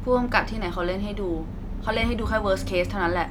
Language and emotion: Thai, frustrated